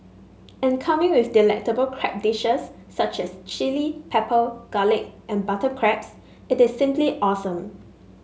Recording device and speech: mobile phone (Samsung S8), read sentence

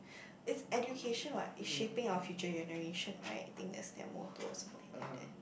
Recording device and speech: boundary microphone, conversation in the same room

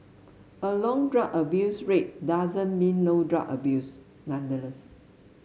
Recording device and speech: mobile phone (Samsung S8), read sentence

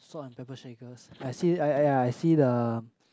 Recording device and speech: close-talking microphone, conversation in the same room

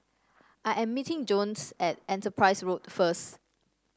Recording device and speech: standing microphone (AKG C214), read sentence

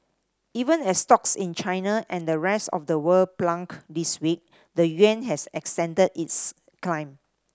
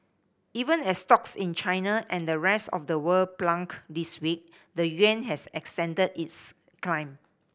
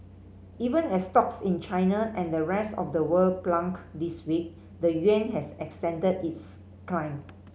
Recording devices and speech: standing microphone (AKG C214), boundary microphone (BM630), mobile phone (Samsung C5010), read sentence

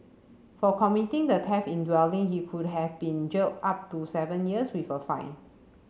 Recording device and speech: mobile phone (Samsung C7), read sentence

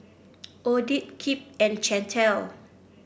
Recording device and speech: boundary microphone (BM630), read sentence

